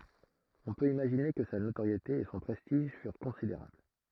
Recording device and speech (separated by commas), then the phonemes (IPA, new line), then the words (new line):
throat microphone, read sentence
ɔ̃ pøt imaʒine kə sa notoʁjete e sɔ̃ pʁɛstiʒ fyʁ kɔ̃sideʁabl
On peut imaginer que sa notoriété et son prestige furent considérables.